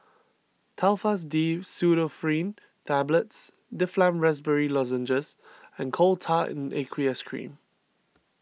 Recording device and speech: mobile phone (iPhone 6), read sentence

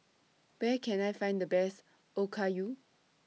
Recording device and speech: mobile phone (iPhone 6), read sentence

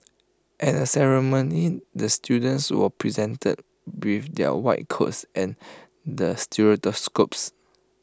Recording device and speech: close-talking microphone (WH20), read sentence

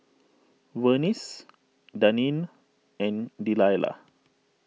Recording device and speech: mobile phone (iPhone 6), read sentence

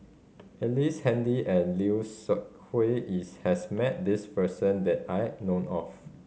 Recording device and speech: mobile phone (Samsung C5010), read sentence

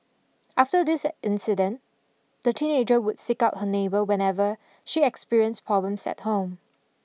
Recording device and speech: mobile phone (iPhone 6), read sentence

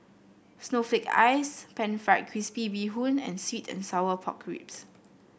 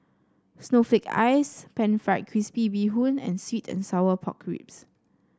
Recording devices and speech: boundary microphone (BM630), standing microphone (AKG C214), read sentence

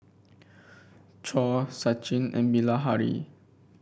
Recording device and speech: boundary microphone (BM630), read sentence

